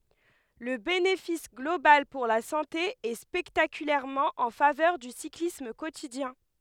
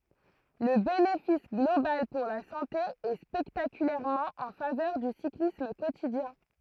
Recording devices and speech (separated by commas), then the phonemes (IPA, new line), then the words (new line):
headset microphone, throat microphone, read sentence
lə benefis ɡlobal puʁ la sɑ̃te ɛ spɛktakylɛʁmɑ̃ ɑ̃ favœʁ dy siklism kotidjɛ̃
Le bénéfice global pour la santé est spectaculairement en faveur du cyclisme quotidien.